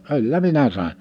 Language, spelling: Finnish, kyllä minä sain
- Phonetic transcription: 'kyllä 'minä sàin .

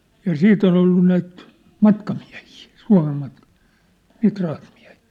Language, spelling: Finnish, ja sitten on ollut näitä matkamiehiä Suomen matkamiehiä niitä rahtimiehiä
- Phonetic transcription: ja "siit ‿on ‿ollu näit , "matkamiä̭hii , 'Sua̭mem matkam(iä̭hii) , 'niit rahtmiä̭hɪɪ .

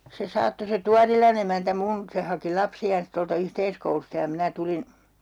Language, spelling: Finnish, se saattoi se Tuorilan emäntä minun se haki lapsiaan tuolta yhteiskoulusta ja minä tulin
- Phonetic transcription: se 'saatto se "Tuarilan ‿emäntä 'mun , 'se haki 'lapsiaans tolta 'yhteiskoulusta ja 'minä 'tulin ,.

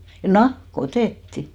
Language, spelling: Finnish, nahka otettiin
- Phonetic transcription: "nah'k ‿otètti !

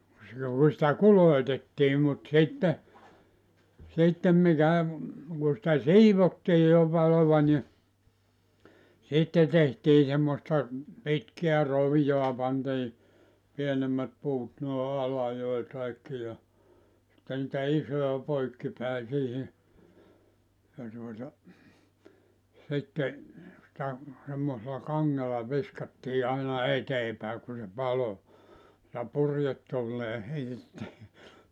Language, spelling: Finnish, silloin kun sitä kulotettiin mutta sitten sitten mikä kun sitä siivottiin jo paloa niin sitten tehtiin semmoista pitkää roviota pantiin pienemmät puut noin alajoihin kaikki ja sitten niitä isoja poikki päin siihen ja tuota sitten sitä semmoisella kangella viskattiin aina eteen päin kun se paloi ja purjetuuleen heitettiin
- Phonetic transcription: (silloiŋ ku) sⁱtä "kuloitettii mut 'sitte , 'sittem mikä , ku sⁱtä "siivottii jo 'palova ni , 'sitte tehtii semmosta , 'pitkeä 'rovijoa pantii , 'pienemmät 'puut noe '’alajoi kaikki ja , sitte nitä 'isoja 'poikki päi 'siihi , ja tuota , 'sitte , sⁱtä , semmosela "kaŋŋela 'viskattii aina "etee pä̀e ku se 'palo , ja 'purjettuullee heitettii .

